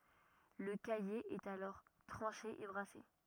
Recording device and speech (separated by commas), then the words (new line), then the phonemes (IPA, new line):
rigid in-ear microphone, read sentence
Le caillé est alors tranché et brassé.
lə kaje ɛt alɔʁ tʁɑ̃ʃe e bʁase